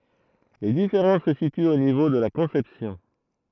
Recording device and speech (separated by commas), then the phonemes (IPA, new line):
throat microphone, read sentence
le difeʁɑ̃s sə sityt o nivo də la kɔ̃sɛpsjɔ̃